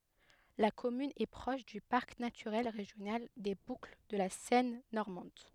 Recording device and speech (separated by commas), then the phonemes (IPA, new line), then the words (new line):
headset microphone, read sentence
la kɔmyn ɛ pʁɔʃ dy paʁk natyʁɛl ʁeʒjonal de bukl də la sɛn nɔʁmɑ̃d
La commune est proche du parc naturel régional des Boucles de la Seine normande.